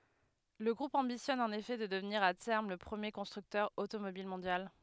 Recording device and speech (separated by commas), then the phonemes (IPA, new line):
headset microphone, read sentence
lə ɡʁup ɑ̃bisjɔn ɑ̃n efɛ də dəvniʁ a tɛʁm lə pʁəmje kɔ̃stʁyktœʁ otomobil mɔ̃djal